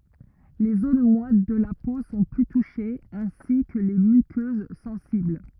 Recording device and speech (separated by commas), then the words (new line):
rigid in-ear microphone, read sentence
Les zones moites de la peau sont plus touchées, ainsi que les muqueuses sensibles.